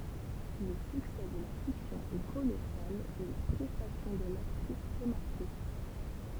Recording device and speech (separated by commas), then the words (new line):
temple vibration pickup, read sentence
Le succès de la fiction est colossal et la prestation de l'actrice remarquée.